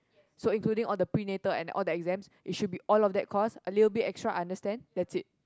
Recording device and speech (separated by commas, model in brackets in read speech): close-talking microphone, conversation in the same room